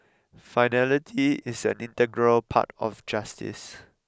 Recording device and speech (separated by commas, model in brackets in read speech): close-talking microphone (WH20), read sentence